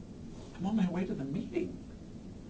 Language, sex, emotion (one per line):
English
male
neutral